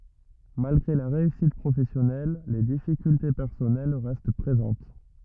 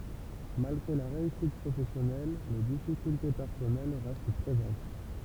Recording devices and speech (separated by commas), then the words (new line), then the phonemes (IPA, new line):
rigid in-ear microphone, temple vibration pickup, read sentence
Malgré la réussite professionnelle, les difficultés personnelles restent présentes.
malɡʁe la ʁeysit pʁofɛsjɔnɛl le difikylte pɛʁsɔnɛl ʁɛst pʁezɑ̃t